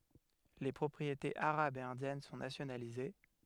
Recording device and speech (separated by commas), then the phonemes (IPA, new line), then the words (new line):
headset microphone, read sentence
le pʁɔpʁietez aʁabz e ɛ̃djɛn sɔ̃ nasjonalize
Les propriétés arabes et indiennes sont nationalisées.